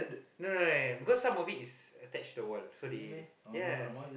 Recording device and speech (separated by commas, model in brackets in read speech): boundary microphone, conversation in the same room